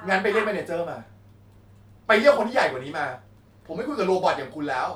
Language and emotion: Thai, angry